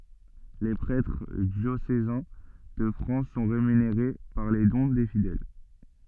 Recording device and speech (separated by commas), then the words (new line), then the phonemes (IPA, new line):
soft in-ear microphone, read sentence
Les prêtres diocésains de France sont rémunérés par les dons des fidèles.
le pʁɛtʁ djosezɛ̃ də fʁɑ̃s sɔ̃ ʁemyneʁe paʁ le dɔ̃ de fidɛl